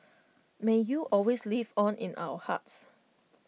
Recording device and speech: mobile phone (iPhone 6), read sentence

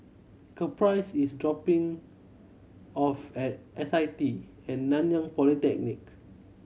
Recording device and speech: mobile phone (Samsung C7100), read sentence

